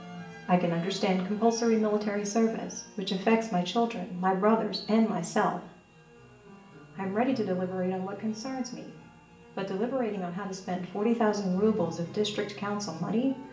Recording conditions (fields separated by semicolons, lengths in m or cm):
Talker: one person; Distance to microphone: 1.8 m; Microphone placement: close; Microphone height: 1.0 m; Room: large; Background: music